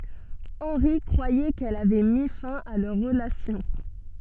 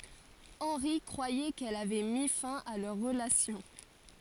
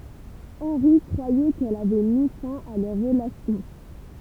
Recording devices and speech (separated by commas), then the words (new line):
soft in-ear microphone, forehead accelerometer, temple vibration pickup, read sentence
Henry croyait qu’elle avait mis fin à leur relation.